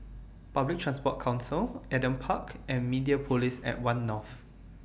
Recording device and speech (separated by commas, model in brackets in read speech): boundary microphone (BM630), read sentence